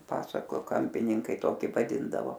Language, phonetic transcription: Lithuanian, ˈpasako ˈkampininkai ˈtoki vaˈdindavo

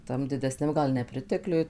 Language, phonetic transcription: Lithuanian, ˈtam didesˈniam ˈgal neˈpritekliuj

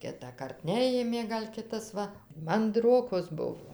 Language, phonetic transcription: Lithuanian, ˈkitąkart ˈnejėmė ˈgal' ˈkitas ˈva manˈdrokos ˈbuvo

